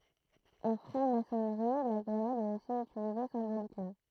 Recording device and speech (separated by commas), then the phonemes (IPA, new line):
throat microphone, read sentence
ɑ̃ fʁɑ̃ masɔnʁi la ɡʁənad ɛt osi ytilize sɛ̃bolikmɑ̃